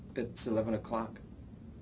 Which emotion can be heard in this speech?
neutral